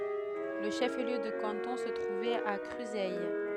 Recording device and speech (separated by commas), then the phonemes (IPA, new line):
headset microphone, read sentence
lə ʃəfliø də kɑ̃tɔ̃ sə tʁuvɛt a kʁyzɛj